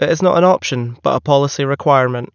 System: none